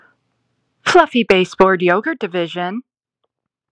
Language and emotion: English, happy